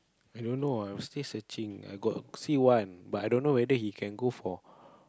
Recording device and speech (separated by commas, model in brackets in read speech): close-talking microphone, conversation in the same room